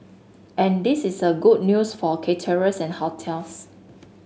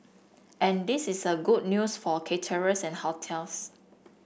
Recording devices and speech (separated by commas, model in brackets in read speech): mobile phone (Samsung S8), boundary microphone (BM630), read sentence